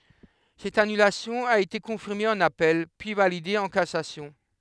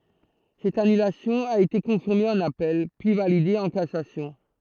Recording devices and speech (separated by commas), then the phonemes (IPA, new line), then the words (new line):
headset microphone, throat microphone, read sentence
sɛt anylasjɔ̃ a ete kɔ̃fiʁme ɑ̃n apɛl pyi valide ɑ̃ kasasjɔ̃
Cette annulation a été confirmée en appel, puis validée en cassation.